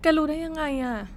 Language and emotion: Thai, frustrated